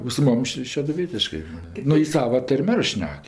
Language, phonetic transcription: Lithuanian, o su ˈmum ˈši šeduˈvietiškɜ ˈnu ji ˈsava ˈtar'm' ˈar ˈšnek

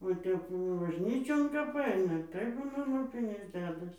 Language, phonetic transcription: Lithuanian, va ˈtep bažˈnyčion kap ˈaina tai ˈbūna loˈpinius ˈdedas

